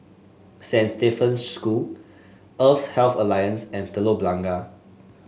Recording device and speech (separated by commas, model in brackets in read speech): mobile phone (Samsung S8), read sentence